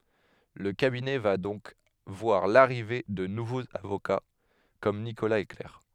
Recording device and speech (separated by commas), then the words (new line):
headset microphone, read sentence
Le cabinet va donc voir l'arrivée de nouveaux avocats comme Nicolas et Claire.